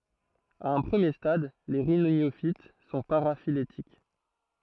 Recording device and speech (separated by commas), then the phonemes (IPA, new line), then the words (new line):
throat microphone, read sentence
a œ̃ pʁəmje stad le ʁinjofit sɔ̃ paʁafiletik
À un premier stade, les rhyniophytes sont paraphylétiques.